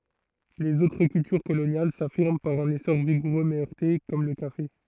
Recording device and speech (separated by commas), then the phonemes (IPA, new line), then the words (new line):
throat microphone, read sentence
lez otʁ kyltyʁ kolonjal safiʁm paʁ œ̃n esɔʁ viɡuʁø mɛ œʁte kɔm lə kafe
Les autres cultures coloniales s'affirment par un essor vigoureux mais heurté, comme le café.